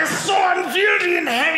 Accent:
Scottish accent